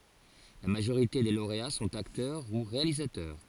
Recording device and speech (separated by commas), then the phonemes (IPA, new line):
forehead accelerometer, read sentence
la maʒoʁite de loʁea sɔ̃t aktœʁ u ʁealizatœʁ